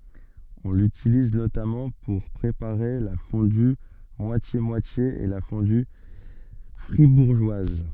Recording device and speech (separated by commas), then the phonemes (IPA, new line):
soft in-ear microphone, read sentence
ɔ̃ lytiliz notamɑ̃ puʁ pʁepaʁe la fɔ̃dy mwasjemwatje e la fɔ̃dy fʁibuʁʒwaz